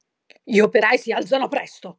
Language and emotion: Italian, angry